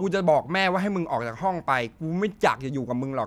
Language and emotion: Thai, angry